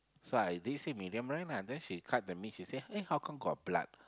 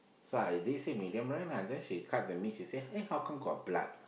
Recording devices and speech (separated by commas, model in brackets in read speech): close-talking microphone, boundary microphone, conversation in the same room